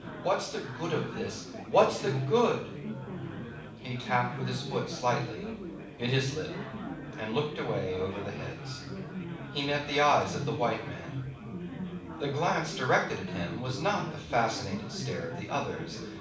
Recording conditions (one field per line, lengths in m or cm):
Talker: one person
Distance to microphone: 5.8 m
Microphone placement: far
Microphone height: 1.8 m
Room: medium-sized (5.7 m by 4.0 m)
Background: babble